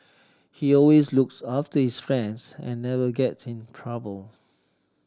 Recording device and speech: standing microphone (AKG C214), read sentence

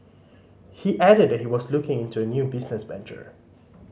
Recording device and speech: mobile phone (Samsung C5010), read sentence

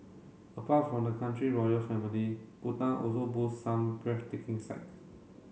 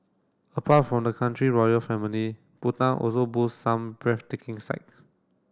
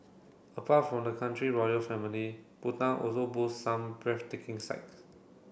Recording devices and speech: mobile phone (Samsung C7), standing microphone (AKG C214), boundary microphone (BM630), read sentence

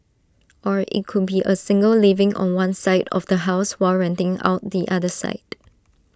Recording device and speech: standing microphone (AKG C214), read sentence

